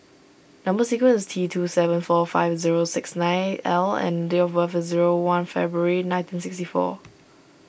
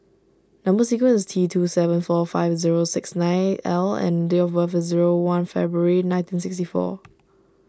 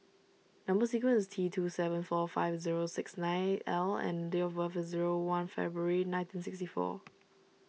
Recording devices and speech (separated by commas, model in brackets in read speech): boundary microphone (BM630), standing microphone (AKG C214), mobile phone (iPhone 6), read sentence